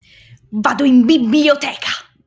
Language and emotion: Italian, angry